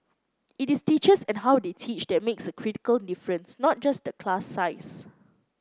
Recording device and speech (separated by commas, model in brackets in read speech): close-talking microphone (WH30), read sentence